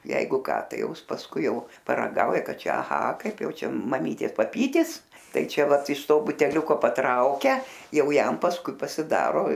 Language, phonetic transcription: Lithuanian, ˈjeigu ˈką ˈtai ˈjau ˈis pasˈkui ˈjau paraˈgauja ˈką ˈčia aˈha ˈkaip ˈjau ˈčia maˈmytės paˈpytis ˈtai ˈčia ˈvat iš ˈto buteˈliuko patˈraukia ˈjau ˈjam pasˈkui pasiˈdaro

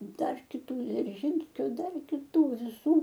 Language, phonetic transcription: Lithuanian, ˈdar kiˈtų dzirˈžynskio ˈdar kiˈtų viˈsų

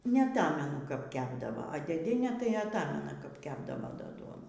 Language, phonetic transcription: Lithuanian, neaˈtamenu kap ˈkepdavo a dėˈdienė tai atˈamena kap ˈkepdavo ˈda ˈduonų

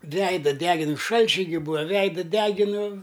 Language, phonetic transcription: Lithuanian, ˈveida ˈdegin ˈšalčiai gi ˈbūa ˈveida ˈdeginu

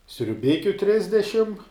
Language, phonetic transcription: Lithuanian, sriuˈbikiu ˈtrisdešim

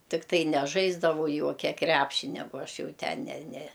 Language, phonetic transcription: Lithuanian, tikˈtai neˈžaisdavau ˈjuokia ˈkræpšinia ˈbo ˈaš ˈjau ˈten ne ne

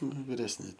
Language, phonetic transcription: Lithuanian, ˈnu viresˈni

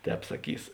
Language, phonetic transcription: Lithuanian, ˈtēp saˈkys

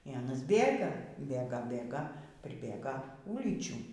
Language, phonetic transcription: Lithuanian, y ˈanas ˈbėga ˈbėga ˈbėga priˈbėga ˈūlyčių

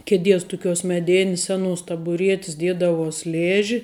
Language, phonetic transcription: Lithuanian, keˈdies tuˈkiuos meˈdėnis ˈseˌnuos tabuˈrietis ˈdiedavuos ˈlėži

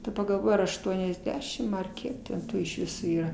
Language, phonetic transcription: Lithuanian, daˈba galˈvoj ar ašˈtuonesˌdešim ar ˈkiek ten ˈtų iš ˈviso ˈyra

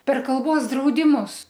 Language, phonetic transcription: Lithuanian, per kalˈbos draudiˈmus

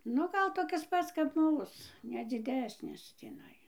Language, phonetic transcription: Lithuanian, ˈnu ˈgal toˈkis ˈpats kap ˈmūs ne dziˈdesnis tįˈnai

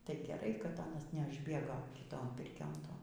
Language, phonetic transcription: Lithuanian, tai geˈrai kad ˈanas neˈažbėgo kiˈton ˈpirkion ˈton

